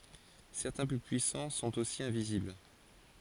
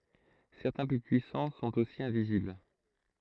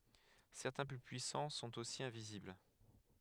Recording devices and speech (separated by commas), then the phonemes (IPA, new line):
forehead accelerometer, throat microphone, headset microphone, read sentence
sɛʁtɛ̃ ply pyisɑ̃ sɔ̃t osi ɛ̃vizibl